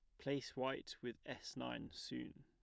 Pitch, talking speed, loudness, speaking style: 125 Hz, 160 wpm, -47 LUFS, plain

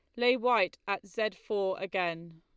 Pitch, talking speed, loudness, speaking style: 200 Hz, 165 wpm, -31 LUFS, Lombard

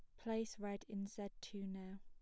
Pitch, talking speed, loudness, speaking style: 200 Hz, 200 wpm, -47 LUFS, plain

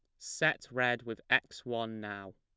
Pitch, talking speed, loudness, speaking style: 115 Hz, 165 wpm, -33 LUFS, plain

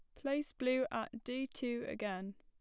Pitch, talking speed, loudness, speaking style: 250 Hz, 165 wpm, -39 LUFS, plain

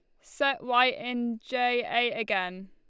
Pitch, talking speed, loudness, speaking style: 240 Hz, 145 wpm, -27 LUFS, Lombard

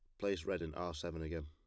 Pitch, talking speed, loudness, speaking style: 85 Hz, 285 wpm, -41 LUFS, plain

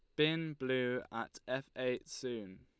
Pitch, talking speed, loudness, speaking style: 125 Hz, 150 wpm, -38 LUFS, Lombard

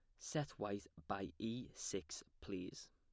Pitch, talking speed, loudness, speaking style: 105 Hz, 130 wpm, -47 LUFS, plain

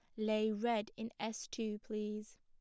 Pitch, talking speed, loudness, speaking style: 215 Hz, 165 wpm, -39 LUFS, plain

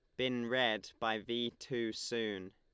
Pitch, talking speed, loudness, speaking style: 115 Hz, 155 wpm, -37 LUFS, Lombard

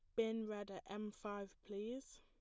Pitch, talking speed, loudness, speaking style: 210 Hz, 180 wpm, -46 LUFS, plain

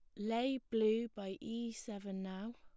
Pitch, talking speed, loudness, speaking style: 225 Hz, 155 wpm, -40 LUFS, plain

